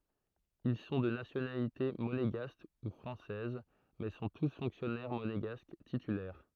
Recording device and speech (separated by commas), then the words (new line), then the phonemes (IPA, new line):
throat microphone, read sentence
Ils sont de nationalité monégasque ou française, mais sont tous fonctionnaires monégasques titulaires.
il sɔ̃ də nasjonalite moneɡask u fʁɑ̃sɛz mɛ sɔ̃ tus fɔ̃ksjɔnɛʁ moneɡask titylɛʁ